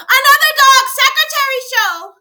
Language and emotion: English, fearful